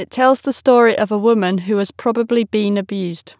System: none